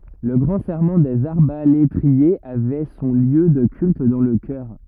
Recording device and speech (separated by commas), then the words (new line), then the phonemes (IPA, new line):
rigid in-ear microphone, read sentence
Le Grand Serment des arbalétriers avait son lieu de culte dans le chœur.
lə ɡʁɑ̃ sɛʁmɑ̃ dez aʁbaletʁiez avɛ sɔ̃ ljø də kylt dɑ̃ lə kœʁ